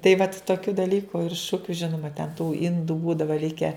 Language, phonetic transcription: Lithuanian, tai vat toˈkių daˈlyku ir ˈšukiu ˈžinuma ten tų ˈindų ˈbūdava ˈlike

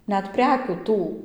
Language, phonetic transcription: Lithuanian, ˈnet ˈprekių ˈtų

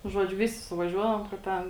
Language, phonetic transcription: Lithuanian, nu ˈžuodžiu ˈvisi suvaˈžiuodavom ka ˈten

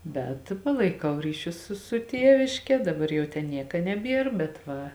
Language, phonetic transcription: Lithuanian, bet ˈpalaiˌkau ˈryˌšius ˈsu su ˈtieviške ˈdaˌbar ˈjau ˈten ˈnieka neˈbier bet ˈva

